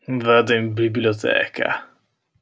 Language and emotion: Italian, disgusted